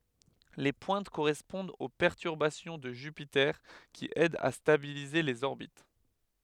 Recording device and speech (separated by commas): headset microphone, read sentence